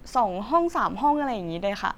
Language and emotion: Thai, happy